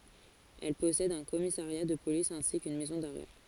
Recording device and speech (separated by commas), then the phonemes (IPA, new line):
forehead accelerometer, read sentence
ɛl pɔsɛd œ̃ kɔmisaʁja də polis ɛ̃si kyn mɛzɔ̃ daʁɛ